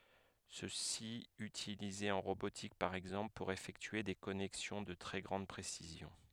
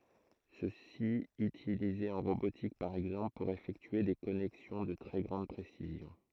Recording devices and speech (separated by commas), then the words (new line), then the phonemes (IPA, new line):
headset microphone, throat microphone, read sentence
Ceci utilisé en robotique par exemple pour effectuer des connexions de très grande précision.
səsi ytilize ɑ̃ ʁobotik paʁ ɛɡzɑ̃pl puʁ efɛktye de kɔnɛksjɔ̃ də tʁɛ ɡʁɑ̃d pʁesizjɔ̃